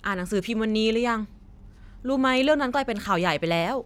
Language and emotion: Thai, neutral